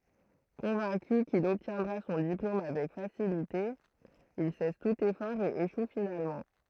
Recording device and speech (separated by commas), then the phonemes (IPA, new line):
throat microphone, read sentence
kɔ̃vɛ̃ky kil ɔbtjɛ̃dʁa sɔ̃ diplom avɛk fasilite il sɛs tut efɔʁ e eʃu finalmɑ̃